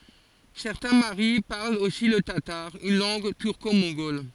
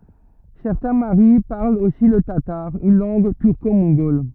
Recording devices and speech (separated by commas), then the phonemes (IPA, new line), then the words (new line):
forehead accelerometer, rigid in-ear microphone, read sentence
sɛʁtɛ̃ maʁi paʁlt osi lə tataʁ yn lɑ̃ɡ tyʁkomɔ̃ɡɔl
Certains Maris parlent aussi le tatar, une langue turco-mongole.